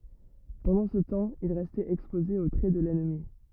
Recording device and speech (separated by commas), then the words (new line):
rigid in-ear microphone, read sentence
Pendant ce temps, il restait exposé aux traits de l'ennemi.